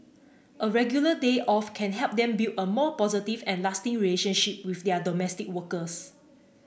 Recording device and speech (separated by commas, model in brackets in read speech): boundary microphone (BM630), read sentence